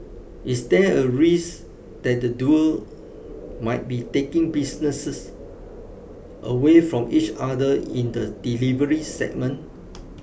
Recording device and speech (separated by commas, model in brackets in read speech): boundary microphone (BM630), read sentence